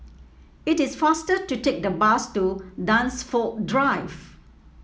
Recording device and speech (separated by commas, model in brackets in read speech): mobile phone (iPhone 7), read sentence